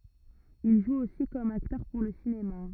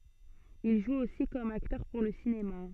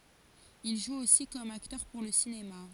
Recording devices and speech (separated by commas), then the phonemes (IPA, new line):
rigid in-ear microphone, soft in-ear microphone, forehead accelerometer, read sentence
il ʒu osi kɔm aktœʁ puʁ lə sinema